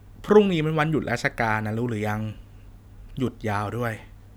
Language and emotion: Thai, neutral